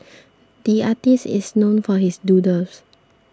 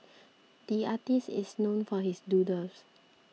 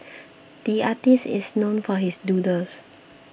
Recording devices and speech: standing microphone (AKG C214), mobile phone (iPhone 6), boundary microphone (BM630), read sentence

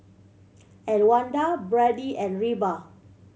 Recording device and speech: mobile phone (Samsung C7100), read sentence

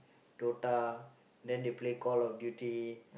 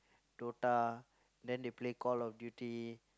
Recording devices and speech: boundary microphone, close-talking microphone, conversation in the same room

